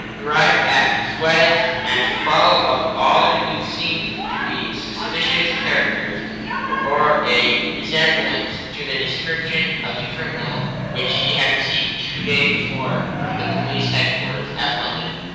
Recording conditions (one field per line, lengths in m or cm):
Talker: one person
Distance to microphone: 7.1 m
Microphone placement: far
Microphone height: 1.7 m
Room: very reverberant, large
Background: television